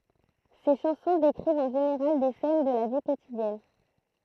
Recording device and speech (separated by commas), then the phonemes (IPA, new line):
throat microphone, read sentence
se ʃɑ̃sɔ̃ dekʁivt ɑ̃ ʒeneʁal de sɛn də la vi kotidjɛn